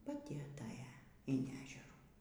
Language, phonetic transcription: Lithuanian, paˈti aˈtaja in ˈežerų

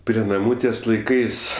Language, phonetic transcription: Lithuanian, prie naˈmų ˈties laiˈkais

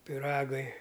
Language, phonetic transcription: Lithuanian, piˈragai

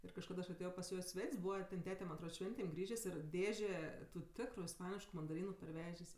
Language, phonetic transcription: Lithuanian, ir kažˈkad aš aˈtėjo pas ˈjo i ˈsvet's' ˈbūva ten ˈtete man atˈrod ˈšventėm ˈgrįžės' ir ˈdėžė tu ˈtikru isˈpanišku mandaˈrynu parˈvežės'

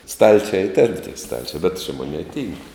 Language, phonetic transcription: Lithuanian, ˈstalčia y ten tie ˈstalčia bet čia ˈmoˌnėi ˈtynk

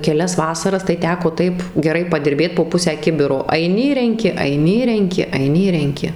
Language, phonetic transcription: Lithuanian, keˈlias ˈvasaras tai ˈteko ˈtaip geˈrai padirˈbėt po ˈpusę ˈkibiro aiˈni ir renˈki aiˈni ir renˈki aiˈni ir renˈki

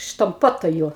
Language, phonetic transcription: Lithuanian, štamˈpuotoju

